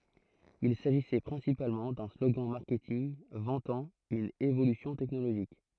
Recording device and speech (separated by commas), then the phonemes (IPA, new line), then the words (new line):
throat microphone, read sentence
il saʒisɛ pʁɛ̃sipalmɑ̃ dœ̃ sloɡɑ̃ maʁkɛtinɡ vɑ̃tɑ̃ yn evolysjɔ̃ tɛknoloʒik
Il s'agissait principalement d'un slogan marketing vantant une évolution technologique.